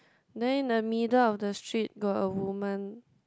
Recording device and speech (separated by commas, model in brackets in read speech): close-talking microphone, conversation in the same room